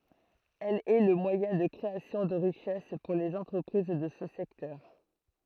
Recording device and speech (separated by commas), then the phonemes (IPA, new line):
throat microphone, read sentence
ɛl ɛ lə mwajɛ̃ də kʁeasjɔ̃ də ʁiʃɛs puʁ lez ɑ̃tʁəpʁiz də sə sɛktœʁ